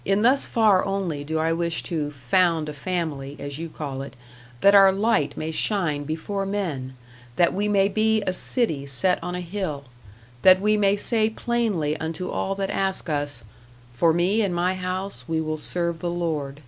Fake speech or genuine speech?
genuine